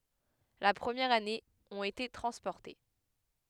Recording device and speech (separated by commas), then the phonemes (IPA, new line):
headset microphone, read sentence
la pʁəmjɛʁ ane ɔ̃t ete tʁɑ̃spɔʁte